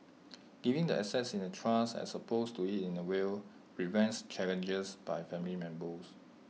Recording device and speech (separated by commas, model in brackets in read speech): mobile phone (iPhone 6), read sentence